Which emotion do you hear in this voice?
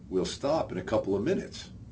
neutral